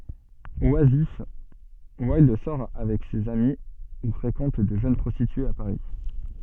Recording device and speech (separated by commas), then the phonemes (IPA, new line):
soft in-ear microphone, read sentence
wazif wildœʁ sɔʁ avɛk sez ami u fʁekɑ̃t də ʒøn pʁɔstityez a paʁi